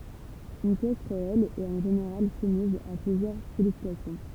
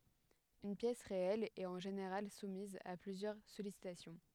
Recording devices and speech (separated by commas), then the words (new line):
temple vibration pickup, headset microphone, read sentence
Une pièce réelle est en général soumise à plusieurs sollicitations.